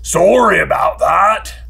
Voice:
gruff